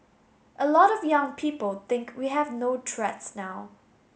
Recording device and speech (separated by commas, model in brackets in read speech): mobile phone (Samsung S8), read sentence